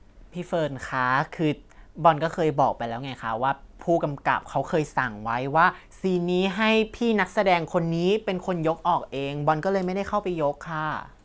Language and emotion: Thai, frustrated